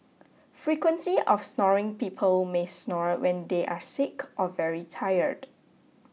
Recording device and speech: mobile phone (iPhone 6), read sentence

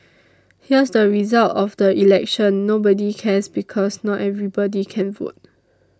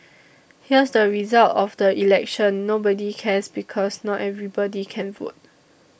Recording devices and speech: standing microphone (AKG C214), boundary microphone (BM630), read sentence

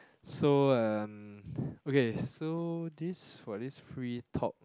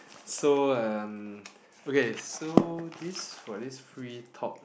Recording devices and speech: close-talking microphone, boundary microphone, conversation in the same room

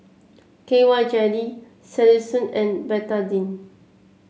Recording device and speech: mobile phone (Samsung C7), read sentence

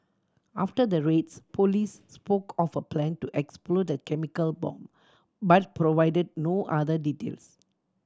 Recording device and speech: standing microphone (AKG C214), read sentence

